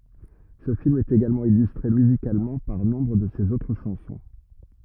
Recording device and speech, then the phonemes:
rigid in-ear microphone, read sentence
sə film ɛt eɡalmɑ̃ ilystʁe myzikalmɑ̃ paʁ nɔ̃bʁ də sez otʁ ʃɑ̃sɔ̃

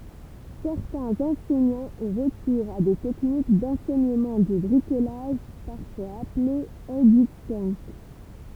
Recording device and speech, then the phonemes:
temple vibration pickup, read sentence
sɛʁtɛ̃z ɑ̃sɛɲɑ̃z ɔ̃ ʁəkuʁz a de tɛknik dɑ̃sɛɲəmɑ̃ də bʁikolaʒ paʁfwaz aple edypənk

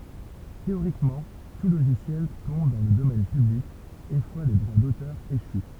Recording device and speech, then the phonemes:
temple vibration pickup, read sentence
teoʁikmɑ̃ tu loʒisjɛl tɔ̃b dɑ̃ lə domɛn pyblik yn fwa le dʁwa dotœʁ eʃy

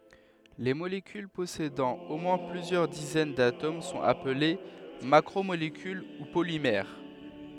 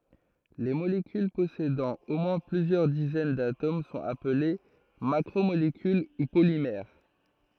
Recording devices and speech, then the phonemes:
headset microphone, throat microphone, read sentence
le molekyl pɔsedɑ̃ o mwɛ̃ plyzjœʁ dizɛn datom sɔ̃t aple makʁomolekyl u polimɛʁ

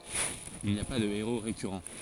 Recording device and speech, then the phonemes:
forehead accelerometer, read sentence
il ni a pa də eʁo ʁekyʁɑ̃

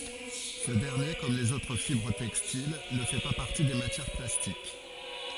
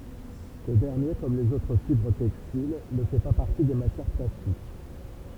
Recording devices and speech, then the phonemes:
forehead accelerometer, temple vibration pickup, read sentence
sə dɛʁnje kɔm lez otʁ fibʁ tɛkstil nə fɛ pa paʁti de matjɛʁ plastik

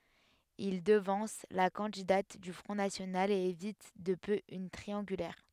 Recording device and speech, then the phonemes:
headset microphone, read sentence
il dəvɑ̃s la kɑ̃didat dy fʁɔ̃ nasjonal e evit də pø yn tʁiɑ̃ɡylɛʁ

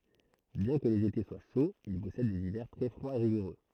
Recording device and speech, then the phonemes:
throat microphone, read sentence
bjɛ̃ kə lez ete swa ʃoz il pɔsɛd dez ivɛʁ tʁɛ fʁwaz e ʁiɡuʁø

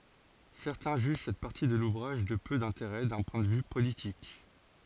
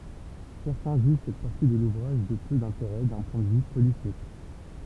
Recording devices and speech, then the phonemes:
forehead accelerometer, temple vibration pickup, read sentence
sɛʁtɛ̃ ʒyʒ sɛt paʁti də luvʁaʒ də pø dɛ̃teʁɛ dœ̃ pwɛ̃ də vy politik

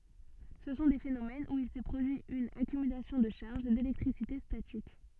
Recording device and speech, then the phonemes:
soft in-ear microphone, read sentence
sə sɔ̃ de fenomɛnz u il sɛ pʁodyi yn akymylasjɔ̃ də ʃaʁʒ delɛktʁisite statik

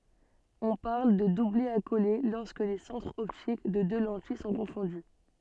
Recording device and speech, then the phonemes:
soft in-ear microphone, read sentence
ɔ̃ paʁl də dublɛ akole lɔʁskə le sɑ̃tʁz ɔptik de dø lɑ̃tij sɔ̃ kɔ̃fɔ̃dy

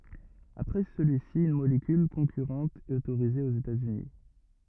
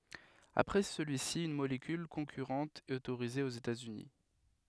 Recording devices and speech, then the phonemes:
rigid in-ear microphone, headset microphone, read sentence
apʁɛ səlyi si yn molekyl kɔ̃kyʁɑ̃t ɛt otoʁize oz etaz yni

